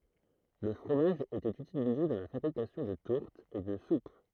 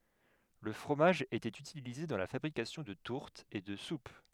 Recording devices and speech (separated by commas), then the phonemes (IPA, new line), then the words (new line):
throat microphone, headset microphone, read sentence
lə fʁomaʒ etɛt ytilize dɑ̃ la fabʁikasjɔ̃ də tuʁtz e də sup
Le fromage était utilisé dans la fabrication de tourtes et de soupes.